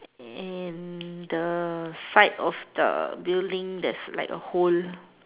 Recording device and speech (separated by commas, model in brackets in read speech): telephone, conversation in separate rooms